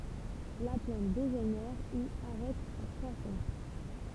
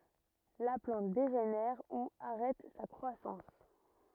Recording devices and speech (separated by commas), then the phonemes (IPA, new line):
temple vibration pickup, rigid in-ear microphone, read sentence
la plɑ̃t deʒenɛʁ u aʁɛt sa kʁwasɑ̃s